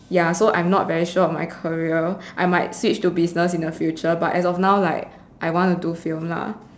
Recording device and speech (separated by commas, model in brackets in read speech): standing microphone, conversation in separate rooms